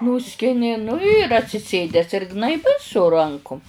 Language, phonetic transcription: Lithuanian, ˈnūskini nu ir atsiˈsėdes ir gnaiˈbai su ˈrankum

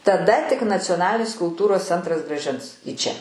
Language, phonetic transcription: Lithuanian, taˈda tik nacioˈnalinis kulˈtūros ˈcentras grąˈžins į ˈčia

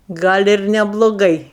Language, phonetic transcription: Lithuanian, ˈgal' ir nebloˈgai

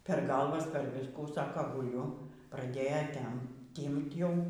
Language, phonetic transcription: Lithuanian, per ˈgalvas per ˈviskų ˈsaka guˈliu praˈdėja ˈtem ˈtymt ˈjau

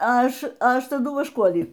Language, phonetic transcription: Lithuanian, ˈaš ˈaš taˈdu vašˈkuolį

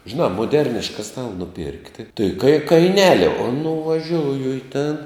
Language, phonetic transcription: Lithuanian, žiˈnā moˈderniška ˈstala nuˈpirkti tai kai kaiˈneli o nuvaˈžiouju i ˈtėn

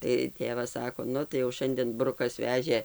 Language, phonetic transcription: Lithuanian, tai ˈtėvas ˈsako ˈnu tai jau ˈšandėn ˈbrukas ˈvežė

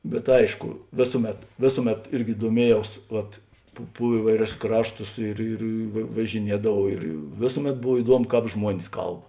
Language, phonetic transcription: Lithuanian, bet ˈaišku ˈvėsuˌmet ˈvėsuˌmet ˈirgi duoˈmiejaus vat pu pu ˈįvaiˌrius ˈkrašˌtus ir ir va važiˈniedavau ir ˈvėsuˌmet ˈbov iˈduomu ˈkāp ˈžmuonis ˈkalb

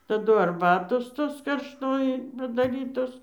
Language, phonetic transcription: Lithuanian, taˈdu arˈbatos ˈtos karšˈtoji padaˈrytos

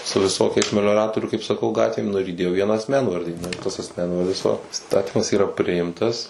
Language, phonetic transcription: Lithuanian, su viˈsokiais melioˈratorių kaip saˈkau ˈgatvėm ˈnu ir įˈdėjo ˈvieną asˈmenvardį ˈnu ir tas asˈmenvardis va ˈistatymas ˈyra ˈpriimtas

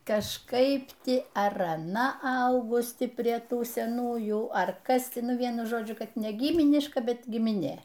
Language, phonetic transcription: Lithuanian, kažˈkaip ˈti ar aˈna ˈaugus ˈti prie ˈtų seˈnųjų ˈar ˈkas ti ˈnu ˈvienu ˈžodžiu ˈkad ne ˈgyminiška ˈbet gimiˈnė

